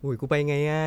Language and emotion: Thai, frustrated